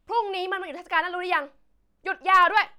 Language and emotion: Thai, angry